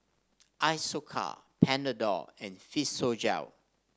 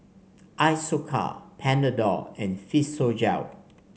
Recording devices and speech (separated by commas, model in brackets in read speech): standing microphone (AKG C214), mobile phone (Samsung C5), read sentence